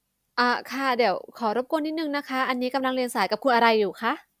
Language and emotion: Thai, neutral